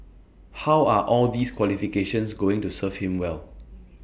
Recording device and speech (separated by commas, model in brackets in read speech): boundary microphone (BM630), read sentence